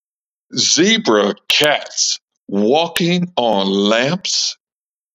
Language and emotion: English, disgusted